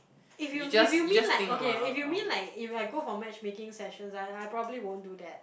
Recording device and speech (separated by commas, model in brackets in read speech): boundary microphone, conversation in the same room